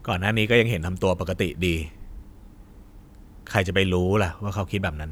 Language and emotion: Thai, neutral